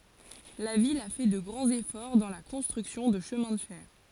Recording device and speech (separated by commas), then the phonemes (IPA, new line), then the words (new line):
forehead accelerometer, read sentence
la vil a fɛ də ɡʁɑ̃z efɔʁ dɑ̃ la kɔ̃stʁyksjɔ̃ də ʃəmɛ̃ də fɛʁ
La ville a fait de grands efforts dans la construction de chemins de fer.